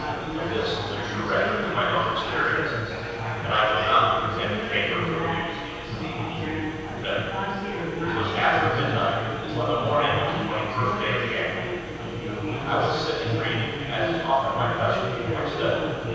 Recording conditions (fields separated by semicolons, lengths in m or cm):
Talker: one person; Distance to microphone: 7.1 m; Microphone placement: far; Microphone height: 1.7 m; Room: very reverberant, large; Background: babble